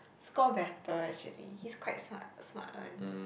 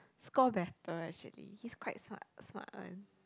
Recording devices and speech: boundary microphone, close-talking microphone, conversation in the same room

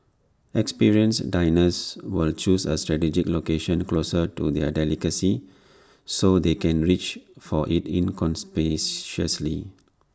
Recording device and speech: standing microphone (AKG C214), read sentence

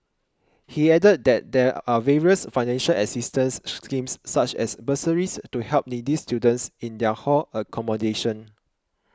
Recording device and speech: close-talking microphone (WH20), read sentence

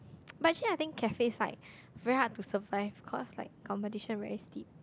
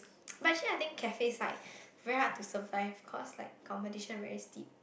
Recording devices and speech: close-talking microphone, boundary microphone, conversation in the same room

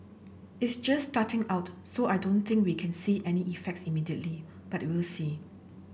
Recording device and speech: boundary microphone (BM630), read sentence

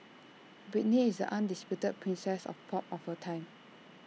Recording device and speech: mobile phone (iPhone 6), read sentence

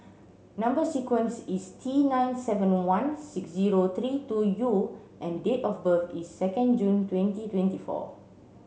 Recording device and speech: mobile phone (Samsung C7), read sentence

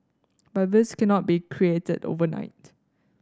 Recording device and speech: standing microphone (AKG C214), read sentence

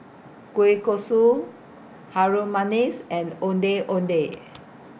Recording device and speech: boundary microphone (BM630), read sentence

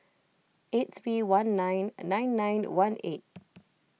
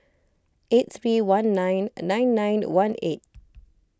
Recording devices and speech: mobile phone (iPhone 6), close-talking microphone (WH20), read sentence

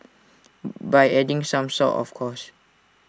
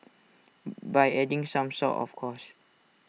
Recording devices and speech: standing microphone (AKG C214), mobile phone (iPhone 6), read sentence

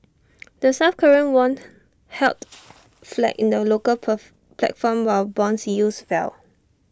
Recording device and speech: standing microphone (AKG C214), read sentence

